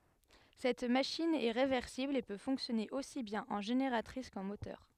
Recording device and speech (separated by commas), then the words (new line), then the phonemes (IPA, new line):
headset microphone, read sentence
Cette machine est réversible et peut fonctionner aussi bien en génératrice qu'en moteur.
sɛt maʃin ɛ ʁevɛʁsibl e pø fɔ̃ksjɔne osi bjɛ̃n ɑ̃ ʒeneʁatʁis kɑ̃ motœʁ